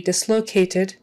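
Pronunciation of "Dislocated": In 'dislocated', the t is said as a strong t, not as a soft d.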